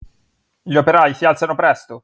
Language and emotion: Italian, angry